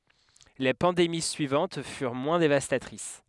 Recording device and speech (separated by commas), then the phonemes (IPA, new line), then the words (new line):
headset microphone, read sentence
le pɑ̃demi syivɑ̃t fyʁ mwɛ̃ devastatʁis
Les pandémies suivantes furent moins dévastatrices.